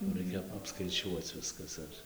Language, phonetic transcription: Lithuanian, jau ˈraikia apskaiˈčiuoc ˈviskas ar

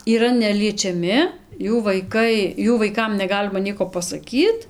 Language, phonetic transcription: Lithuanian, yˈra neliečiaˈmi ˈjų vaiˈkai ˈjų vaiˈkam neˈgalima ˈnieko pasaˈkyt

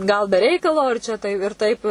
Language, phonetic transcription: Lithuanian, gal be ˈreikalo ir ˈčia tai ir ˈtaip

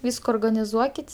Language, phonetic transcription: Lithuanian, ˈvysko organiˈzuokit'

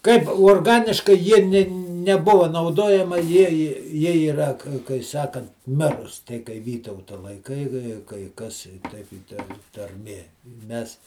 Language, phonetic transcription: Lithuanian, kaip uorˈganiškai ˈjie nė neˈbuva nauˈdojama ˈjie i jie iˈra kai ˈsakant ˈmirus tei kai ˈvytauta laiˈkai kai kai ˈkas ˈteip i ˈta tarˈmė ˈmes

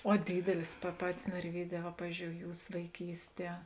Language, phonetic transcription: Lithuanian, o ˈdydelis pa ˈpatis narˈvyˌdē va ˈpavizdžiou ˈjūs vaiˈkysˌtie

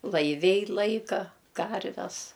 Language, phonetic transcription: Lithuanian, laiˈviai ˈlaika ˈkarves

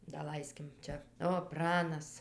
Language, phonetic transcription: Lithuanian, daˈlaiskim ˈčia o ˈpranas

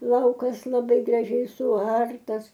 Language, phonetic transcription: Lithuanian, ˈlaukas laˈbai graˈžiai suˈartas

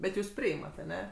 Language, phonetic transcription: Lithuanian, bet ˈjūs ˈpriimat aˈne

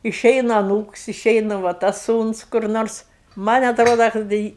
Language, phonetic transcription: Lithuanian, iˈšeina aˈnūks iˈšeina va ˈtas ˈsūns kur ˈnors ˈman' atˈroda kad da ˈi

